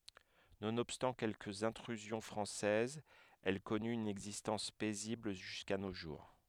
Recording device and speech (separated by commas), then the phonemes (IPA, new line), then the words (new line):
headset microphone, read sentence
nonɔbstɑ̃ kɛlkəz ɛ̃tʁyzjɔ̃ fʁɑ̃sɛzz ɛl kɔny yn ɛɡzistɑ̃s pɛzibl ʒyska no ʒuʁ
Nonobstant quelques intrusions françaises, elle connut une existence paisible jusqu'à nos jours.